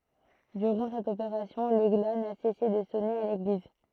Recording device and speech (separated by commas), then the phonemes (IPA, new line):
throat microphone, read sentence
dyʁɑ̃ sɛt opeʁasjɔ̃ lə ɡla na sɛse də sɔne a leɡliz